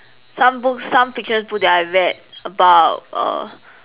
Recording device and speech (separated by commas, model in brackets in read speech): telephone, conversation in separate rooms